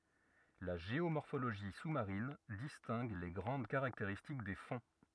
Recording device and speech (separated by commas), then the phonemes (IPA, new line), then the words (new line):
rigid in-ear microphone, read sentence
la ʒeomɔʁfoloʒi su maʁin distɛ̃ɡ le ɡʁɑ̃d kaʁakteʁistik de fɔ̃
La géomorphologie sous-marine distingue les grandes caractéristiques des fonds.